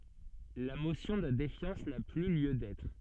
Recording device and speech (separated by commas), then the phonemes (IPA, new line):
soft in-ear microphone, read sentence
la mosjɔ̃ də defjɑ̃s na ply ljø dɛtʁ